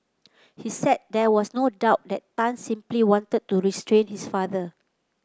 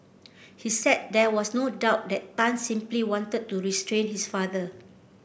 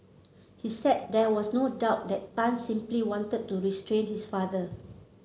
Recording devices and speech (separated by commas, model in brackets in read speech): close-talking microphone (WH30), boundary microphone (BM630), mobile phone (Samsung C7), read sentence